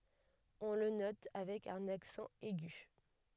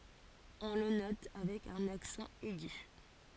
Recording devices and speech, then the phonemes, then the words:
headset microphone, forehead accelerometer, read sentence
ɔ̃ lə nɔt avɛk œ̃n aksɑ̃ ɛɡy
On le note avec un accent aigu.

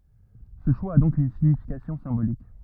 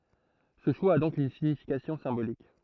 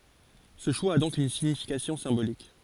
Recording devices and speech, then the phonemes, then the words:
rigid in-ear microphone, throat microphone, forehead accelerometer, read sentence
sə ʃwa a dɔ̃k yn siɲifikasjɔ̃ sɛ̃bolik
Ce choix a donc une signification symbolique.

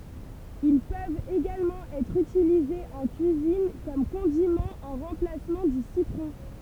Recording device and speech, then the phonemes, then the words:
temple vibration pickup, read sentence
il pøvt eɡalmɑ̃ ɛtʁ ytilizez ɑ̃ kyizin u kɔm kɔ̃dimɑ̃ ɑ̃ ʁɑ̃plasmɑ̃ dy sitʁɔ̃
Ils peuvent également être utilisés en cuisine, ou comme condiment en remplacement du citron.

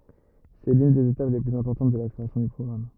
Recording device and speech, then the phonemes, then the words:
rigid in-ear microphone, read sentence
sɛ lyn dez etap le plyz ɛ̃pɔʁtɑ̃t də la kʁeasjɔ̃ dœ̃ pʁɔɡʁam
C'est l'une des étapes les plus importantes de la création d'un programme.

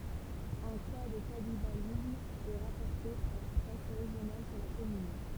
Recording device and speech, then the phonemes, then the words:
temple vibration pickup, read sentence
œ̃ ka də kanibalism ɛ ʁapɔʁte paʁ la pʁɛs ʁeʒjonal syʁ la kɔmyn
Un cas de cannibalisme est rapporté par la presse régionale sur la commune.

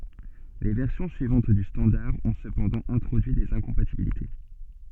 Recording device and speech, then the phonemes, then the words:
soft in-ear microphone, read sentence
le vɛʁsjɔ̃ syivɑ̃t dy stɑ̃daʁ ɔ̃ səpɑ̃dɑ̃ ɛ̃tʁodyi dez ɛ̃kɔ̃patibilite
Les versions suivantes du standard ont cependant introduit des incompatibilités.

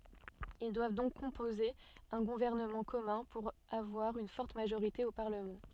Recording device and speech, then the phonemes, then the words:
soft in-ear microphone, read sentence
il dwav dɔ̃k kɔ̃poze œ̃ ɡuvɛʁnəmɑ̃ kɔmœ̃ puʁ avwaʁ yn fɔʁt maʒoʁite o paʁləmɑ̃
Ils doivent donc composer un gouvernement commun, pour avoir une forte majorité au parlement.

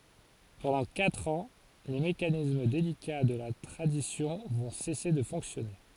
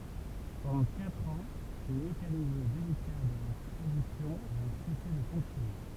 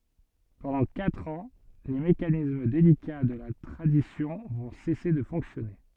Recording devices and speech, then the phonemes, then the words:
forehead accelerometer, temple vibration pickup, soft in-ear microphone, read sentence
pɑ̃dɑ̃ katʁ ɑ̃ le mekanism delika də la tʁadisjɔ̃ vɔ̃ sɛse də fɔ̃ksjɔne
Pendant quatre ans, les mécanismes délicats de la tradition vont cesser de fonctionner.

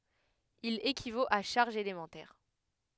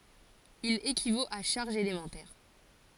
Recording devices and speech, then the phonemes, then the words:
headset microphone, forehead accelerometer, read sentence
il ekivot a ʃaʁʒz elemɑ̃tɛʁ
Il équivaut à charges élémentaires.

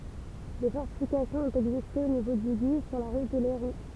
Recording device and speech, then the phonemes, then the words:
temple vibration pickup, read sentence
de fɔʁtifikasjɔ̃z ɔ̃t ɛɡziste o nivo dy ɡi syʁ la ʁut də lɛʁu
Des fortifications ont existé au niveau du Guy, sur la route de Lairoux.

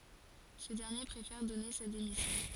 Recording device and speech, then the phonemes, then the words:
forehead accelerometer, read sentence
sə dɛʁnje pʁefɛʁ dɔne sa demisjɔ̃
Ce dernier préfère donner sa démission.

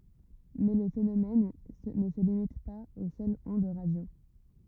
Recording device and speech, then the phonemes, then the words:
rigid in-ear microphone, read sentence
mɛ lə fenomɛn nə sə limit paz o sœlz ɔ̃d ʁadjo
Mais le phénomène ne se limite pas aux seules ondes radio.

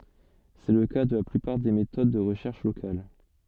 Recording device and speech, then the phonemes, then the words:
soft in-ear microphone, read sentence
sɛ lə ka də la plypaʁ de metod də ʁəʃɛʁʃ lokal
C’est le cas de la plupart des méthodes de recherche locale.

